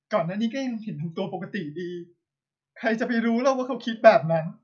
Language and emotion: Thai, sad